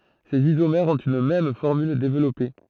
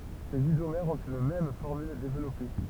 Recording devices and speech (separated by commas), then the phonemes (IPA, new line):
throat microphone, temple vibration pickup, read sentence
sez izomɛʁz ɔ̃t yn mɛm fɔʁmyl devlɔpe